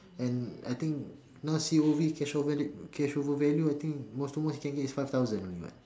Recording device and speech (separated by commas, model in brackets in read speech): standing microphone, conversation in separate rooms